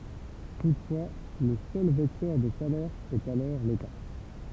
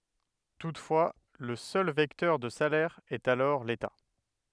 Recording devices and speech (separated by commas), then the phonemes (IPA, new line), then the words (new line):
temple vibration pickup, headset microphone, read sentence
tutfwa lə sœl vɛktœʁ də salɛʁ ɛt alɔʁ leta
Toutefois, le seul vecteur de salaire est alors l'État.